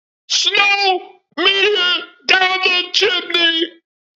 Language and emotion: English, sad